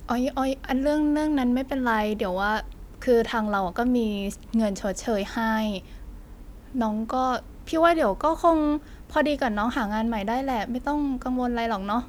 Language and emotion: Thai, frustrated